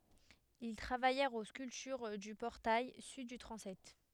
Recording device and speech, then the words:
headset microphone, read sentence
Ils travaillèrent aux sculptures du portail sud du transept.

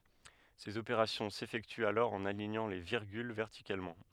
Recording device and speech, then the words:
headset microphone, read sentence
Ces opérations s’effectuent alors en alignant les virgules verticalement.

